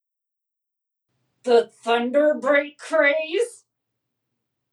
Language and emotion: English, angry